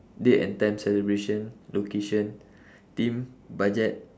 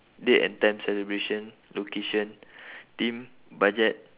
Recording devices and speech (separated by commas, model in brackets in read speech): standing microphone, telephone, conversation in separate rooms